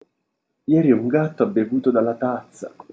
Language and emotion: Italian, surprised